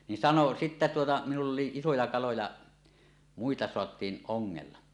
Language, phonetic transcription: Finnish, nin "sano 'sittä tuota minull ‿oli isoja kaloja , "muita 'soat̀iin "ˀoŋŋella .
- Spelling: niin sanoi sitten tuota minulla oli isoja kaloja muita saatiin ongella

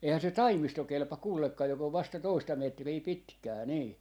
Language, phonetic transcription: Finnish, 'eihä se "taimisto 'kelpa 'kuulekka jok ‿ov vasta 'toista 'metrii "pitkää 'nii .
- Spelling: eihän se taimisto kelpaa kenellekään joka on vasta toista metriä pitkää niin

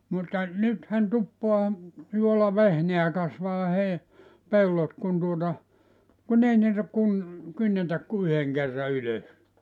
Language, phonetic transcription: Finnish, mutta , 'nythän 'tuppoa , 'juola"vehneä 'kasvaa 'hei- , "pellot kun tuota , 'kun ‿ei niitä kun- , 'kynnetäk ku "yheŋ kerra 'ylös .
- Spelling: mutta nythän tuppaa juolavehnää kasvaa - pellot kun tuota kun ei niitä - kynnetä kuin yhden kerran ylös

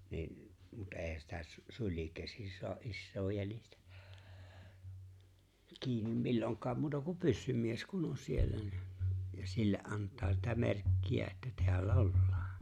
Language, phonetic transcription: Finnish, ni̬n , mut "’e̬e̬hän sitä s- , "suĺiŋ 'käsin̬ so̭a’ '’issoo "jänistä , 'kiinim 'milloŋk̀̀aam muuta kum "pyssym̀ies kun 'on siellä ni , ja 'sille’ '’ant̀aa sitä 'merkki₍ä että 'teällä "ollᴀᴀN̬ .
- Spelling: niin mutta eihän sitä - sulin käsin saa isoa jänistä kiinni milloinkaan muuta kuin pyssymies kun on siellä niin ja sille antaa sitä merkkiä että täällä ollaan

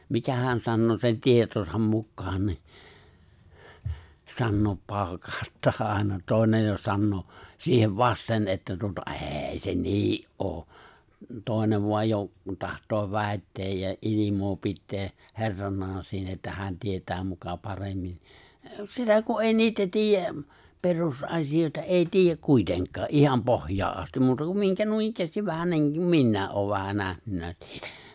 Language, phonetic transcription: Finnish, 'mikähän 'sannoo sen 'tietosam 'mukkaan ni , 'sannoop 'paaᵒkaaᵒttaa àena 'tòenej jo 'sannoo , 'siihev "vasten että tuota "’ê̬ 'se "nii’ '’oo , 'tòenev voaj jo , 'taht̀oo 'vä̀etteej ja '’ilimoo 'pittee , "he̬rraǹaan siinä että 'hä̀n 'tiet̀ää muka 'paremmin̬ , "sitä ku '’èi "niitä "tiijjä , 'perus’asijòita "’èi "tiijjäk 'kuitenk̀aa , '’iham 'pohj̀aa’ '’asti , 'muuta kum 'miŋkä 'nuinikkäästiv vähän niiŋk(u)m 'minnä̀e’ ’oov vähän 'nähnynnä siitä .
- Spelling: mikähän sanoo sen tietonsa mukaan niin sanoo paukauttaa aina toinen jo sanoo siihen vasten että tuota ei se niin ole toinen vain jo tahtoo väittää ja ilmaa pitää herranaan siinä että hän tietää muka paremmin sitä kun ei niitä tiedä perusasioita ei tiedä kuitenkaan ihan pohjaan asti muuta kuin minkä noinikään vähän niin kuin minäkin olen vähän nähnyt siitä

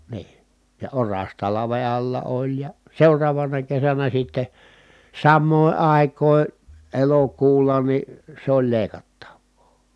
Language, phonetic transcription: Finnish, nii , ja oras talave alla oĺ ja , seuraavana kesänä sitte , sammòi̮ ài̮k̀òi̮ , elokuulla ni , sᵉ ‿oĺ lèi̮kattav̆voo .
- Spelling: niin ja oras talven alla oli ja seuraavana kesänä sitten samoihin aikoihin elokuulla niin se oli leikattavaa

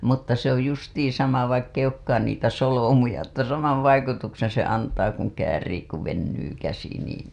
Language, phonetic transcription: Finnish, mutta se ‿oj 'justiiḭ 'sama vaikk ‿eij ‿ookkaan niitä 'solomuja että 'samav vaikutukseḛ se antaa kuŋ käärii ku vennyy käsi niin̬ .
- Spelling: mutta se oli justiin sama vaikka ei olekaan niitä solmuja että sama vaikutuksen se antaa kun käärii kun venyy käsi niin

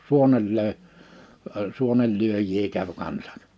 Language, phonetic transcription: Finnish, 'suonel lö̀e , ə 'suonel'lyöj̀ii käv 'kansᴀk .
- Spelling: suonen löi - suonenlyöjiä kävi kanssa

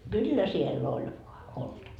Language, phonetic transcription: Finnish, 'kyllä sie'l ‿oĺ voa , 'oltava .
- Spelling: kyllä siellä oli vain oltava

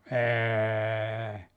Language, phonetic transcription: Finnish, 'eee .
- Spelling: ei

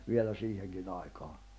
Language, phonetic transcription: Finnish, 'vielä 'siiheŋkinⁿ ‿aikaa(n) .
- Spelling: vielä siihenkin aikaan

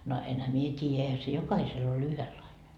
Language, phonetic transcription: Finnish, no , enhä "mie 't́iijä , eihä se 'jokahisel ‿o'l ‿yhelaine .
- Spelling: no enhän minä tiedä eihän se jokaisella ole yhdenlainen

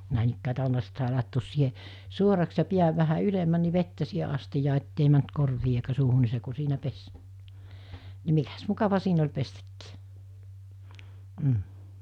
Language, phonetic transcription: Finnish, nä̀enikkää 'ta͕lla(e ni) sit sàe làettoos siihe , 'suoraks ja 'piäv vähä 'ylemmän ni 'vettä siihe 'astijaa ettei mänt 'korvii eikä 'suuhu ni se ku 'siinä 'pes , ni 'mikäs , 'mukava siin ‿oĺ 'pestäkkii , m̥ .
- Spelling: näin tällä lailla niin sitten sai laittaa siihen suoraksi ja pään vähän ylemmäksi niin vettä siihen astiaan että ei mennyt korviin eikä suuhun niin se kun siinä pesi niin mikäs mukava siinä oli pestäkin mm

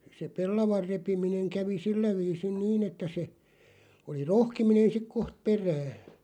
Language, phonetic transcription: Finnish, se "pellavar 'repimineŋ 'kävi "sillä viisin "niin ‿että se , oli "rohkiminen 'sik 'koht "perääʰ .
- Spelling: se pellavan repiminen kävi sillä viisin niin että se oli rohkiminen sitten kohta perään

